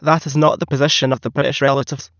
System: TTS, waveform concatenation